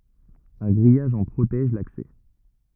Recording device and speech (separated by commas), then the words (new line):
rigid in-ear microphone, read sentence
Un grillage en protège l'accès.